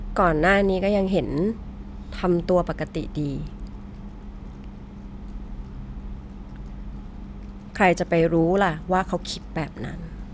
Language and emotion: Thai, frustrated